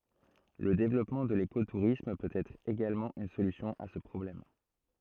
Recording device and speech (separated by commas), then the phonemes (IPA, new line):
throat microphone, read sentence
lə devlɔpmɑ̃ də leko tuʁism pøt ɛtʁ eɡalmɑ̃ yn solysjɔ̃ a sə pʁɔblɛm